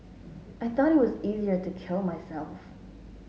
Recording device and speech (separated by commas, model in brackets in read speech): mobile phone (Samsung S8), read sentence